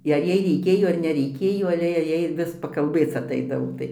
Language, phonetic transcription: Lithuanian, i ar ˈjai reiˈkėjo ar neˈreikėjo aˈle jei ˈjai ˈvis pakalˈbėc aˈtaidavo ˈtai

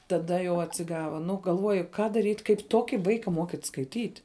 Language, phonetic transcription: Lithuanian, taˈda jau atsiˈgava ˈnu galˈvuoju ka daˈryt' kaip ˈtuoki ˈvaika ˈmokyt' skaiˈtyt'

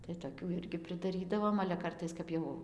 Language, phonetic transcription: Lithuanian, tai toˈkių ˈirgi pridaˈrydavom ale ˈkartais ˈkap jau

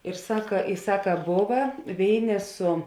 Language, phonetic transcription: Lithuanian, ir ˈsaka i ˈsaka ˈbova ˈvėiˌnė su

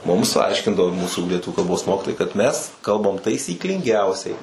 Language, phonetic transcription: Lithuanian, ˈmums ˈaiškindavo ˈmūsų lieˈtuviu kalˈbos ˈmokitojai kad ˈmes ˈkalbam taisyklinˈgiausiai

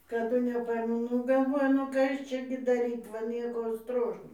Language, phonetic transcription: Lithuanian, kaˈdu neˈpaimu ˈnu galˈvoju nu ˈkas ˈčia gi daˈryt va ˈnieko ˈstrošno

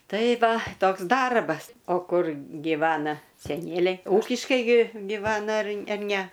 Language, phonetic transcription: Lithuanian, ˈtai ˈva ˈtoks ˈdarbas ˈo ˈkur giˈvana seˈnieliai ūkiškai gi giˈvana ar ar ne

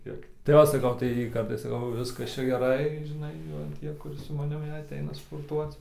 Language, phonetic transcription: Lithuanian, ˈkiek tai ˈo saˈkau tai ˈkap tai ˈviskas ˈčia geˈrai žiˈnai ˈva ˈtie ˈkur su maˈnim jei aˈteina sporˈtuoc

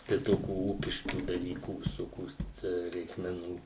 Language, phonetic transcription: Lithuanian, tai ˈtokių ˈūkiškų daˈlykų visoˈkios ˈtę reikmeˈnų

